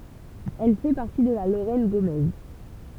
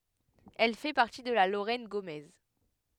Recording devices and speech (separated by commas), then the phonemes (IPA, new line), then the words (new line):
temple vibration pickup, headset microphone, read sentence
ɛl fɛ paʁti də la loʁɛn ɡomɛz
Elle fait partie de la Lorraine gaumaise.